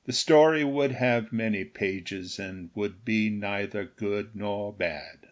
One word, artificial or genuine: genuine